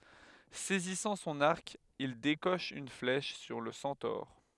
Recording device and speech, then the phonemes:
headset microphone, read sentence
sɛzisɑ̃ sɔ̃n aʁk il dekɔʃ yn flɛʃ syʁ lə sɑ̃tɔʁ

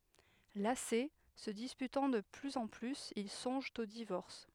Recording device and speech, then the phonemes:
headset microphone, read sentence
lase sə dispytɑ̃ də plyz ɑ̃ plyz il sɔ̃ʒt o divɔʁs

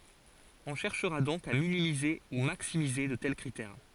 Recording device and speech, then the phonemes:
forehead accelerometer, read sentence
ɔ̃ ʃɛʁʃʁa dɔ̃k a minimize u maksimize də tɛl kʁitɛʁ

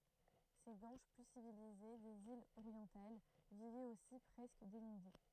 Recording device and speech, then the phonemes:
throat microphone, read sentence
se ɡwanʃ ply sivilize dez ilz oʁjɑ̃tal vivɛt osi pʁɛskə denyde

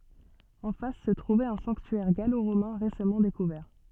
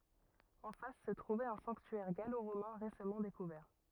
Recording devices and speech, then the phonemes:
soft in-ear microphone, rigid in-ear microphone, read sentence
ɑ̃ fas sə tʁuvɛt œ̃ sɑ̃ktyɛʁ ɡaloʁomɛ̃ ʁesamɑ̃ dekuvɛʁ

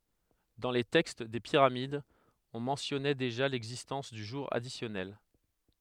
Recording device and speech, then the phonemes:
headset microphone, read sentence
dɑ̃ le tɛkst de piʁamidz ɔ̃ mɑ̃tjɔnɛ deʒa lɛɡzistɑ̃s dy ʒuʁ adisjɔnɛl

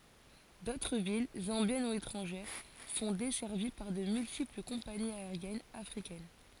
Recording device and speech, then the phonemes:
forehead accelerometer, read sentence
dotʁ vil zɑ̃bjɛn u etʁɑ̃ʒɛʁ sɔ̃ dɛsɛʁvi paʁ də myltipl kɔ̃paniz aeʁjɛnz afʁikɛn

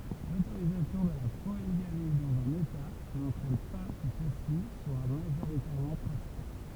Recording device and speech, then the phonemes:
temple vibration pickup, read sentence
lotoʁizasjɔ̃ də la poliɡami dɑ̃z œ̃n eta nɑ̃tʁɛn pa kə sɛlsi swa maʒoʁitɛʁmɑ̃ pʁatike

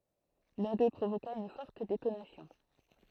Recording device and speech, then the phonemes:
throat microphone, read sentence
lœ̃ dø pʁovoka yn fɔʁt detonasjɔ̃

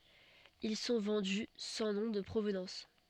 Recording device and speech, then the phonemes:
soft in-ear microphone, read sentence
il sɔ̃ vɑ̃dy sɑ̃ nɔ̃ də pʁovnɑ̃s

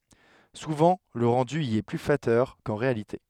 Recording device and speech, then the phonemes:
headset microphone, read sentence
suvɑ̃ lə ʁɑ̃dy i ɛ ply flatœʁ kɑ̃ ʁealite

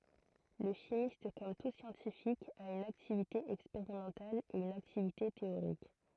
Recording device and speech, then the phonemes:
throat microphone, read sentence
lə ʃimist kɔm tu sjɑ̃tifik a yn aktivite ɛkspeʁimɑ̃tal e yn aktivite teoʁik

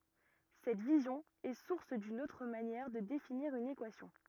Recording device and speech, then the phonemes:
rigid in-ear microphone, read sentence
sɛt vizjɔ̃ ɛ suʁs dyn otʁ manjɛʁ də definiʁ yn ekwasjɔ̃

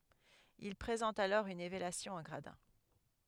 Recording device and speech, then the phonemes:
headset microphone, read sentence
il pʁezɑ̃tt alɔʁ yn elevasjɔ̃ ɑ̃ ɡʁadɛ̃

